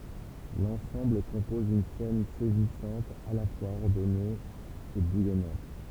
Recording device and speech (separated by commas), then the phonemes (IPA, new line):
temple vibration pickup, read sentence
lɑ̃sɑ̃bl kɔ̃pɔz yn sɛn sɛzisɑ̃t a la fwaz ɔʁdɔne e bujɔnɑ̃t